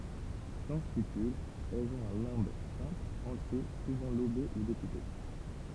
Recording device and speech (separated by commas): temple vibration pickup, read sentence